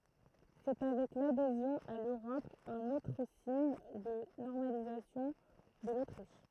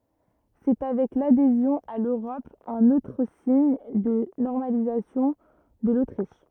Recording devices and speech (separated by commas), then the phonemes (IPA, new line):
throat microphone, rigid in-ear microphone, read sentence
sɛ avɛk ladezjɔ̃ a løʁɔp œ̃n otʁ siɲ də nɔʁmalizasjɔ̃ də lotʁiʃ